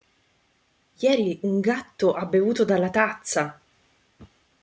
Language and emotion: Italian, neutral